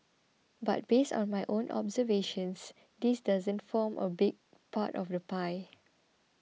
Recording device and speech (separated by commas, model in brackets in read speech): mobile phone (iPhone 6), read sentence